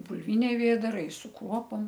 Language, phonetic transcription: Lithuanian, bulˈviniai ˈvėdarai su ˈkruopom

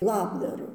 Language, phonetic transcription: Lithuanian, ˈlabdaru

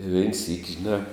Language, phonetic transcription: Lithuanian, i vein syk' žiˈnā

